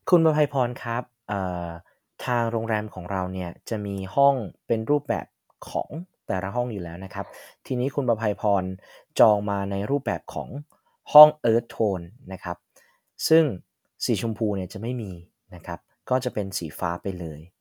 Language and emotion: Thai, neutral